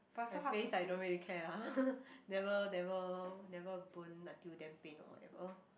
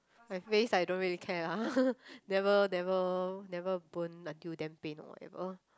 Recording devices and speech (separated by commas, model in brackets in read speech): boundary microphone, close-talking microphone, conversation in the same room